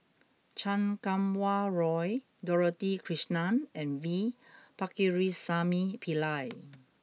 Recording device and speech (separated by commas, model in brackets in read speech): mobile phone (iPhone 6), read sentence